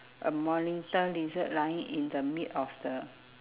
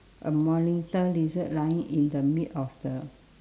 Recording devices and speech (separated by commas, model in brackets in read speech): telephone, standing microphone, conversation in separate rooms